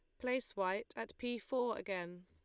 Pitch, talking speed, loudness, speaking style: 220 Hz, 175 wpm, -40 LUFS, Lombard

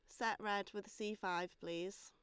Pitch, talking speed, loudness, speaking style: 200 Hz, 200 wpm, -43 LUFS, Lombard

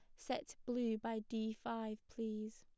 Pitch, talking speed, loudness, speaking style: 220 Hz, 150 wpm, -43 LUFS, plain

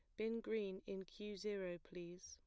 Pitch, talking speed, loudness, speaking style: 190 Hz, 175 wpm, -47 LUFS, plain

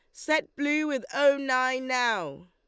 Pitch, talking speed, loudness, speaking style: 270 Hz, 160 wpm, -26 LUFS, Lombard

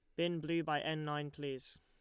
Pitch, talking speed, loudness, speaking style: 150 Hz, 225 wpm, -39 LUFS, Lombard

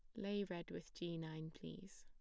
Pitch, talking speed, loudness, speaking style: 170 Hz, 200 wpm, -48 LUFS, plain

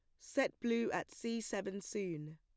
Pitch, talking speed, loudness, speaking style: 225 Hz, 165 wpm, -39 LUFS, plain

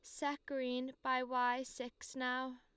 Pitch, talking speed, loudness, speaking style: 255 Hz, 150 wpm, -39 LUFS, Lombard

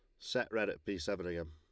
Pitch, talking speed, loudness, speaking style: 90 Hz, 275 wpm, -38 LUFS, Lombard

